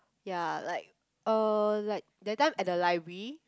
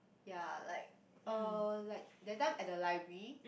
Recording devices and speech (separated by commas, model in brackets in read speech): close-talking microphone, boundary microphone, conversation in the same room